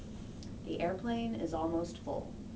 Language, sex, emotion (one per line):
English
female
neutral